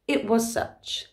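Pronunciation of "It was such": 'It was such' is said quickly with the words connected. The final letter of 'was' is dropped, so it runs straight into 'such' without a repeated s sound.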